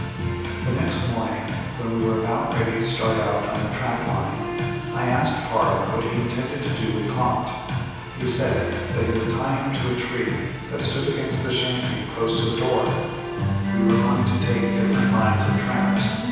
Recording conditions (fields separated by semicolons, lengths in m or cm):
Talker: one person; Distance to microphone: 7.1 m; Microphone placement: far; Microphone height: 1.7 m; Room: very reverberant, large; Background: music